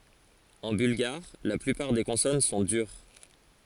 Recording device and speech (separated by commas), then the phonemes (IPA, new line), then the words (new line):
forehead accelerometer, read sentence
ɑ̃ bylɡaʁ la plypaʁ de kɔ̃sɔn sɔ̃ dyʁ
En bulgare, la plupart des consonnes sont dures.